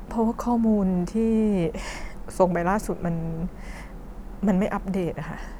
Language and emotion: Thai, frustrated